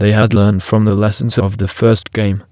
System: TTS, waveform concatenation